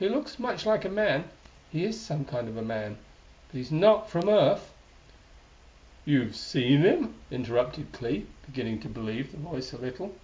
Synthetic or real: real